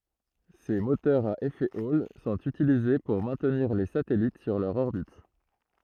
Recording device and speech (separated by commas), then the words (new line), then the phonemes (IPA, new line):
throat microphone, read sentence
Ces moteurs à effet Hall sont utilisés pour maintenir les satellites sur leur orbite.
se motœʁz a efɛ ɔl sɔ̃t ytilize puʁ mɛ̃tniʁ le satɛlit syʁ lœʁ ɔʁbit